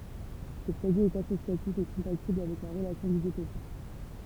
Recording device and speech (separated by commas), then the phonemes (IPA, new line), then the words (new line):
temple vibration pickup, read sentence
sə pʁodyi ɛt asosjatif e kɔ̃patibl avɛk la ʁəlasjɔ̃ dizotopi
Ce produit est associatif et compatible avec la relation d'isotopie.